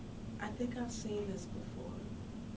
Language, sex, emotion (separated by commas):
English, female, sad